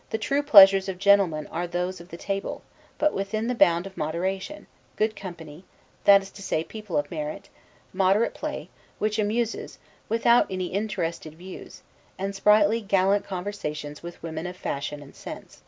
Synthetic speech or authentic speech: authentic